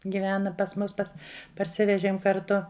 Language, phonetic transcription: Lithuanian, giˈvena pas ˈmus ˈpas parˈsivežiem karˈtu

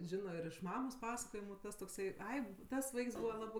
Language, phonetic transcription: Lithuanian, ˈžino ir iš ˈmamos ˈpasakojimu ˈtas tokˈsai ˈai ˈtas ˈvaiks ˈbūva ˈlabɜ

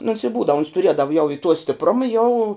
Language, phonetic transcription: Lithuanian, nu ons i ˈbūdav ons tuˈriedav jau i tuo stipˈruma jau

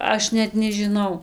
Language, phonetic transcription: Lithuanian, ˈaš net nežiˈnau

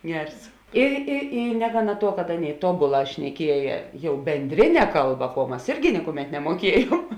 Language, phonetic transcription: Lithuanian, ˈgers i i ˈy ˈnegaˌna ˈtuo kad ˈaˌnėi ˈtobuˌlā šneˈkieja ˈjau bendˈrine ˈkalˌba kuo ˈmas ˈirgi ˈnikuˌmet nemuoˈkiejuom

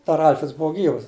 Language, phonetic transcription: Lithuanian, dar ˈalfreds ˈbuu ˈgyvas

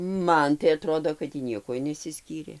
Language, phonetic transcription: Lithuanian, ˈman tai aˈtrodo kad tį ˈniekuoj nesiˈskyrė

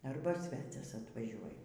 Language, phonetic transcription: Lithuanian, ˈarba ˈsvecias atvaˈžiuoj

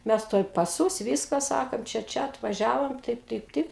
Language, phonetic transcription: Lithuanian, ˈmes ˈtuoj paˈsūs ˈvyska ˈsakant ˈčia ˈčia atvaˈžiavom ˈtaip ˈtaip ˈtaip

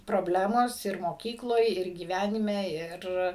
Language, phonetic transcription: Lithuanian, proˈblemos ir moˈkykloj ir gyˈvænime ˈir

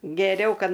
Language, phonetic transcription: Lithuanian, geˈriau ˈkad

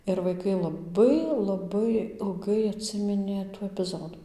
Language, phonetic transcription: Lithuanian, ir vaiˈkai laˈbai laˈbai ilˈgai atˈsiminė tų epiˈzodu

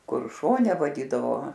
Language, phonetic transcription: Lithuanian, ˈkur ˈšone vaˈdydavo

